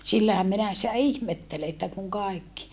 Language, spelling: Finnish, sillähän minä sitä ihmettelen että kun kaikki
- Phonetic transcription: sillähäm minä sⁱtä ihmettele että kuŋ kàikki .

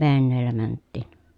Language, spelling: Finnish, veneellä mentiin
- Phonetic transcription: venneellä mänttìn .

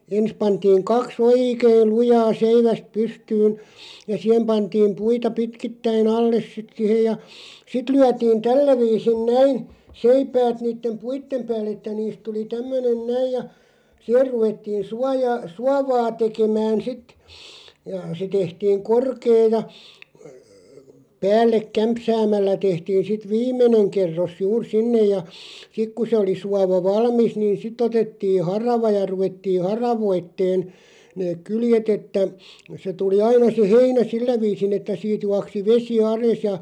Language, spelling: Finnish, ensin pantiin kaksi oikein lujaa seivästä pystyyn ja siihen pantiin puita pitkittäin alle sitten siihen ja sitten lyötiin tällä viisin näin seipäät niiden puiden päälle että niistä tuli tämmöinen näin ja siihen ruvettiin suojaa suovaa tekemään sitten ja se tehtiin korkea ja päälle kämpsäämällä tehtiin sitten viimeinen kerros juuri sinne ja sitten kun se oli suova valmis niin sitten otettiin harava ja ruvettiin haravoimaan ne kyljet että se tuli aina se heinä sillä viisin että siitä juoksi vesi alas ja
- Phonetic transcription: 'ens pantiiŋ 'kaks "ooikêl 'lujaa 'seiväst 'pystyyn , ja 'siʰem pantiim "puita 'pitkittäi'n ‿alles sit sihej ja , "sit 'lyätiin "tällä 'viisin "näin , 'seipäät 'niittem "puittem 'pääll ‿että niist 'tuli 'tämmönen "näij ja , "siʰer ruvettiin̬ 'suajaa , "suavaa 'tekemään sit , ja se 'tehtiiŋ 'korkee ja , 'päällek "kämpsäämällä 'tehtiin̬ sit "viim̆meneŋ 'kerros 'juur "sinnej ja , 'sik ku se oli 'suava "valmis niin 'sitᵗ ‿otetti "harava ja 'ruvettii "haravoitteen , neeᵏ 'kyljetᵗ ‿että , se tuli 'aina se "heinä "sillä 'viisin ‿että siit 'juaksi "vesi 'ales ja ,.

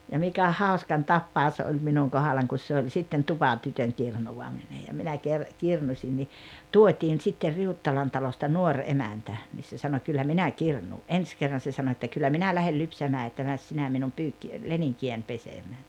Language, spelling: Finnish, ja mikä hauskan tapaus oli minun kohdallani kun se oli sitten tupatytön kirnuaminen ja minä - kirnusin niin tuotiin sitten Riuttalan talosta nuori emäntä niin se sanoi kyllä minä kirnuan ensi kerran se sanoi että kyllä minä lähden lypsämään että mene sinä minun - leninkiäni pesemään
- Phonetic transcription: ja 'mikä "haoskan "tappaos oĺ 'minuŋ 'kohalaŋ kus se oĺ sitten "tupatytöŋ 'kirnuwamine ja minä ker- , 'kirnuśin ni , "tuot́iin sitter 'Riuttalan talosta "nuoŕ 'emäntä , 'niis se sano » 'kyllä 'minä 'kirnuu « '’ens 'kerran se sano että » 'kyllä 'minä lähel 'lypsämää että 'mäs sinä minum 'pyykki- , 'leniŋki₍än 'pesemää « .

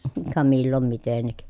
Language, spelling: Finnish, - ka milloin mitenkin
- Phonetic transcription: ə ka millom mitennik .

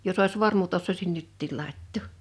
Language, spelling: Finnish, jos olisi vormut osaisin nytkin laittaa
- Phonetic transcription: 'jos ‿òis "vormut ossoisin 'nyttìl 'làittò .

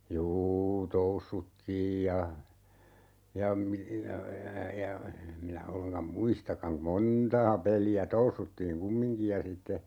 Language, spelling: Finnish, juu toussuttiin ja ja - ja ja minä ollenkaan muistakaan - montaa peliä toussuttiin kumminkin ja sitten
- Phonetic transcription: 'juu "toussuttiij ja , ja mi- , ja , ja,'minä 'olleŋkam "muistakkaŋ (ku-) , "montaa 'peli₍ä 'toussuttiiŋ "kummiŋkij ja sitte ,.

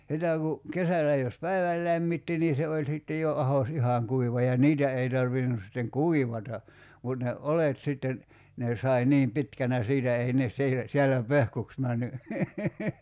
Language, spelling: Finnish, sitä kun kesällä jos päivän lämmitti niin se oli sitten jo ahdos ihan kuiva ja niitä ei tarvinnut sitten kuivata mutta ne oljet sitten ne sai niin pitkänä siitä ei ne siitä siellä pehkuksi mennyt
- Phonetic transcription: 'sitä ku , 'kesälä jos "päiväl 'lämmitti ni 'se oĺ sitte jo 'ahos "ihaŋ 'kuiva ja 'niitä ei tarvinus sitteŋ "kuivata , mut ne , 'olet sitten , 'ne s̀ai 'niim "pitkänä siitä 'ei nes sii(tä) , 'sie̬llä "pehkuks männy ,.

